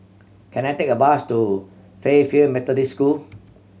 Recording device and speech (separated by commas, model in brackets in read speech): mobile phone (Samsung C7100), read sentence